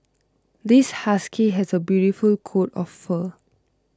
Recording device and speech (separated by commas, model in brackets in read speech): close-talking microphone (WH20), read sentence